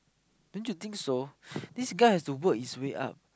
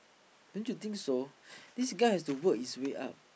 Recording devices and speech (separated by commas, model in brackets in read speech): close-talking microphone, boundary microphone, conversation in the same room